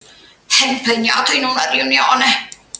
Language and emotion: Italian, disgusted